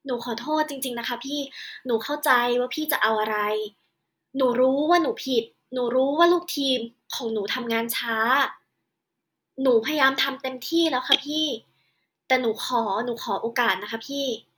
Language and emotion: Thai, frustrated